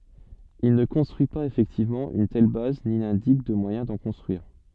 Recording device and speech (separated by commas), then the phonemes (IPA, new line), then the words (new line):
soft in-ear microphone, read sentence
il nə kɔ̃stʁyi paz efɛktivmɑ̃ yn tɛl baz ni nɛ̃dik də mwajɛ̃ dɑ̃ kɔ̃stʁyiʁ
Il ne construit pas effectivement une telle base ni n'indique de moyen d'en construire.